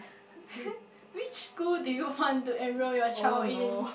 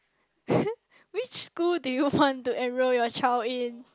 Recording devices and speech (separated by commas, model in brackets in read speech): boundary microphone, close-talking microphone, conversation in the same room